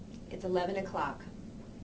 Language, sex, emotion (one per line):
English
female
neutral